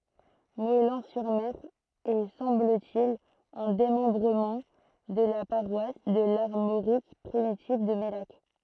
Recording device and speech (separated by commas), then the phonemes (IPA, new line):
throat microphone, read sentence
mɔɛlɑ̃ syʁ mɛʁ ɛ sɑ̃bl te il œ̃ demɑ̃bʁəmɑ̃ də la paʁwas də laʁmoʁik pʁimitiv də mɛlak